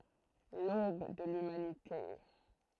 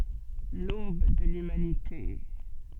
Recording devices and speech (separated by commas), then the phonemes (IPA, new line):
throat microphone, soft in-ear microphone, read sentence
lob də lymanite